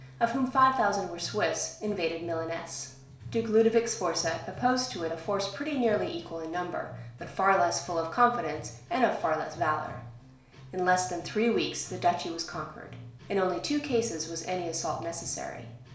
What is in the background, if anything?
Music.